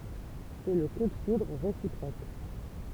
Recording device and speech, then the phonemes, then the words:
temple vibration pickup, read sentence
sɛ lə ku də fudʁ ʁesipʁok
C’est le coup de foudre réciproque.

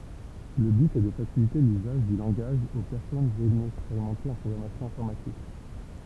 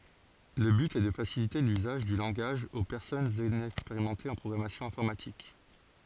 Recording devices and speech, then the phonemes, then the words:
temple vibration pickup, forehead accelerometer, read sentence
lə byt ɛ də fasilite lyzaʒ dy lɑ̃ɡaʒ o pɛʁsɔnz inɛkspeʁimɑ̃tez ɑ̃ pʁɔɡʁamasjɔ̃ ɛ̃fɔʁmatik
Le but est de faciliter l'usage du langage aux personnes inexpérimentées en programmation informatique.

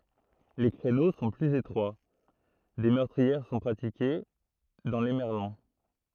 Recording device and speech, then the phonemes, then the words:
throat microphone, read sentence
le kʁeno sɔ̃ plyz etʁwa de mœʁtʁiɛʁ sɔ̃ pʁatike dɑ̃ le mɛʁlɔ̃
Les créneaux sont plus étroits, des meurtrières sont pratiquées dans les merlons.

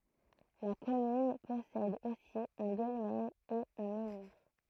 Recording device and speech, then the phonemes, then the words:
throat microphone, read sentence
la kɔmyn pɔsɛd osi œ̃ dɔlmɛn e œ̃ mɑ̃niʁ
La commune possède aussi un dolmen et un menhir.

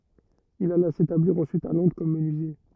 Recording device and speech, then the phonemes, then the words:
rigid in-ear microphone, read sentence
il ala setabliʁ ɑ̃syit a lɔ̃dʁ kɔm mənyizje
Il alla s'établir ensuite à Londres comme menuisier.

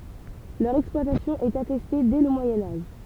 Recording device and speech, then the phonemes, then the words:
temple vibration pickup, read sentence
lœʁ ɛksplwatasjɔ̃ ɛt atɛste dɛ lə mwajɛ̃ aʒ
Leur exploitation est attestée dès le Moyen Âge.

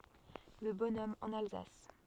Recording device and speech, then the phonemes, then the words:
soft in-ear microphone, read sentence
lə bɔnɔm ɑ̃n alzas
Le bonhomme en Alsace.

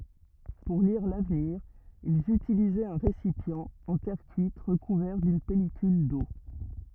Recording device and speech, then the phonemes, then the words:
rigid in-ear microphone, read sentence
puʁ liʁ lavniʁ ilz ytilizɛt œ̃ ʁesipjɑ̃ ɑ̃ tɛʁ kyit ʁəkuvɛʁ dyn pɛlikyl do
Pour lire l'avenir, ils utilisaient un récipient en terre cuite recouvert d’une pellicule d’eau.

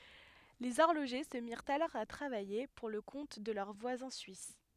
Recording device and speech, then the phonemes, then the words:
headset microphone, read sentence
lez ɔʁloʒe sə miʁt alɔʁ a tʁavaje puʁ lə kɔ̃t də lœʁ vwazɛ̃ syis
Les horlogers se mirent alors à travailler pour le compte de leurs voisins suisses.

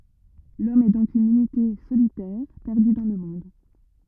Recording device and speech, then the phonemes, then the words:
rigid in-ear microphone, read sentence
lɔm ɛ dɔ̃k yn ynite solitɛʁ pɛʁdy dɑ̃ lə mɔ̃d
L'homme est donc une unité solitaire perdue dans le monde.

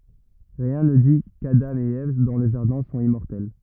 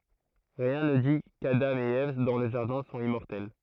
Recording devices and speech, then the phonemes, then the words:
rigid in-ear microphone, throat microphone, read sentence
ʁiɛ̃ nə di kadɑ̃ e ɛv dɑ̃ lə ʒaʁdɛ̃ sɔ̃t immɔʁtɛl
Rien ne dit qu’Adam et Ève dans le jardin sont immortels.

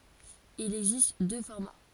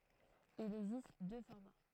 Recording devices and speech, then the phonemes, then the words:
forehead accelerometer, throat microphone, read sentence
il ɛɡzist dø fɔʁma
Il existe deux formats.

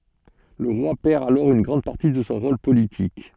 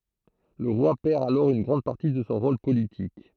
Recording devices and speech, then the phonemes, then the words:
soft in-ear microphone, throat microphone, read sentence
lə ʁwa pɛʁ alɔʁ yn ɡʁɑ̃d paʁti də sɔ̃ ʁol politik
Le roi perd alors une grande partie de son rôle politique.

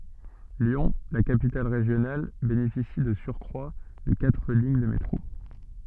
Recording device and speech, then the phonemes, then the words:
soft in-ear microphone, read sentence
ljɔ̃ la kapital ʁeʒjonal benefisi də syʁkʁwa də katʁ liɲ də metʁo
Lyon, la capitale régionale, bénéficie de surcroit de quatre lignes de métro.

